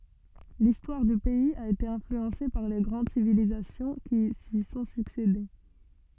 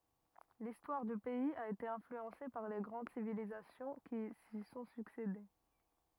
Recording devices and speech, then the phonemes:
soft in-ear microphone, rigid in-ear microphone, read sentence
listwaʁ dy pɛiz a ete ɛ̃flyɑ̃se paʁ le ɡʁɑ̃d sivilizasjɔ̃ ki si sɔ̃ syksede

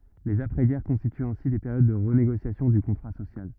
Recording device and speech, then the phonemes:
rigid in-ear microphone, read sentence
lez apʁɛzɡɛʁ kɔ̃stityt ɛ̃si de peʁjod də ʁəneɡosjasjɔ̃ dy kɔ̃tʁa sosjal

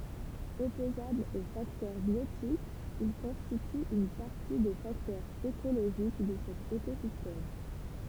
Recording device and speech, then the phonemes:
temple vibration pickup, read sentence
ɔpozablz o faktœʁ bjotikz il kɔ̃stityt yn paʁti de faktœʁz ekoloʒik də sɛt ekozistɛm

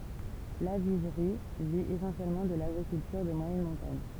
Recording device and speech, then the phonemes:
temple vibration pickup, read sentence
laviʒʁi vi esɑ̃sjɛlmɑ̃ də laɡʁikyltyʁ də mwajɛn mɔ̃taɲ

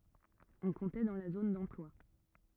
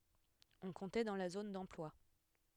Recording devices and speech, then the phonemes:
rigid in-ear microphone, headset microphone, read sentence
ɔ̃ kɔ̃tɛ dɑ̃ la zon dɑ̃plwa

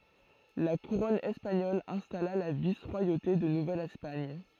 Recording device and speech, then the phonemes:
throat microphone, read sentence
la kuʁɔn ɛspaɲɔl ɛ̃stala la vis ʁwajote də nuvɛl ɛspaɲ

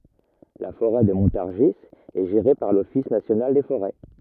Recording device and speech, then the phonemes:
rigid in-ear microphone, read sentence
la foʁɛ də mɔ̃taʁʒi ɛ ʒeʁe paʁ lɔfis nasjonal de foʁɛ

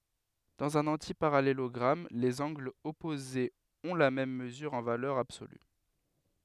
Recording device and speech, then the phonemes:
headset microphone, read sentence
dɑ̃z œ̃n ɑ̃tipaʁalelɔɡʁam lez ɑ̃ɡlz ɔpozez ɔ̃ la mɛm məzyʁ ɑ̃ valœʁ absoly

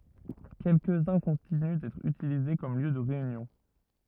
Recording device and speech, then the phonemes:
rigid in-ear microphone, read sentence
kɛlkəzœ̃ kɔ̃tiny dɛtʁ ytilize kɔm ljø də ʁeynjɔ̃

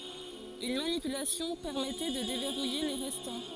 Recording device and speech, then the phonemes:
forehead accelerometer, read sentence
yn manipylasjɔ̃ pɛʁmɛtɛ də devɛʁuje le ʁɛstɑ̃

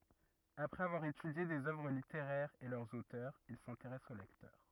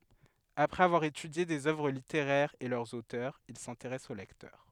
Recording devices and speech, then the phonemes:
rigid in-ear microphone, headset microphone, read sentence
apʁɛz avwaʁ etydje dez œvʁ liteʁɛʁz e lœʁz otœʁz il sɛ̃teʁɛs o lɛktœʁ

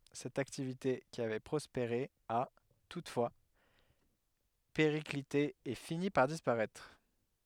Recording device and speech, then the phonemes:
headset microphone, read sentence
sɛt aktivite ki avɛ pʁɔspeʁe a tutfwa peʁiklite e fini paʁ dispaʁɛtʁ

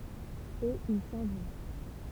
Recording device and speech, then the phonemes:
temple vibration pickup, read sentence
e il sɑ̃ vɔ̃

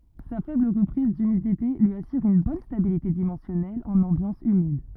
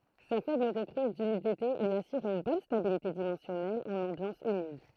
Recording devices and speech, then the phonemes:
rigid in-ear microphone, throat microphone, read sentence
sa fɛbl ʁəpʁiz dymidite lyi asyʁ yn bɔn stabilite dimɑ̃sjɔnɛl ɑ̃n ɑ̃bjɑ̃s ymid

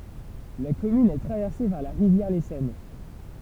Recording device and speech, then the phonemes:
temple vibration pickup, read sentence
la kɔmyn ɛ tʁavɛʁse paʁ la ʁivjɛʁ lesɔn

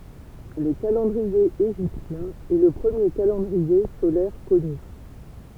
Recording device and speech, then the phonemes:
temple vibration pickup, read sentence
lə kalɑ̃dʁie eʒiptjɛ̃ ɛ lə pʁəmje kalɑ̃dʁie solɛʁ kɔny

